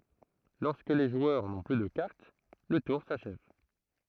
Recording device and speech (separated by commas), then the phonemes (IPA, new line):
throat microphone, read sentence
lɔʁskə le ʒwœʁ nɔ̃ ply də kaʁt lə tuʁ saʃɛv